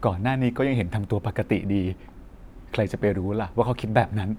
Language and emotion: Thai, sad